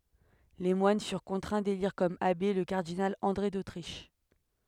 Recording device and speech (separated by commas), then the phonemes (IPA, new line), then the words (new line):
headset microphone, read sentence
le mwan fyʁ kɔ̃tʁɛ̃ deliʁ kɔm abe lə kaʁdinal ɑ̃dʁe dotʁiʃ
Les moines furent contraints d'élire comme abbé, le cardinal André d'Autriche.